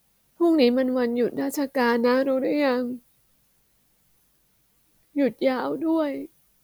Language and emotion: Thai, sad